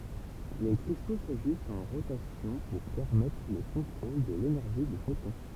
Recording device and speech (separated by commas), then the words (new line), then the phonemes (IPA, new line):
temple vibration pickup, read sentence
Les cristaux s’ajustent en rotation pour permettre le contrôle de l’énergie du photon.
le kʁisto saʒystt ɑ̃ ʁotasjɔ̃ puʁ pɛʁmɛtʁ lə kɔ̃tʁol də lenɛʁʒi dy fotɔ̃